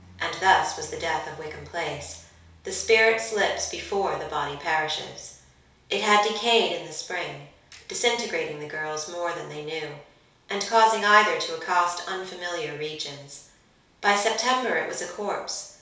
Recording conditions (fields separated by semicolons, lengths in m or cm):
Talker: one person; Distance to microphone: 3.0 m; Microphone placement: far; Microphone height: 1.8 m; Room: small (3.7 m by 2.7 m); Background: none